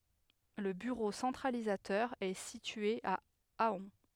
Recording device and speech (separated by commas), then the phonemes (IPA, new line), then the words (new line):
headset microphone, read sentence
lə byʁo sɑ̃tʁalizatœʁ ɛ sitye a aœ̃
Le bureau centralisateur est situé à Ahun.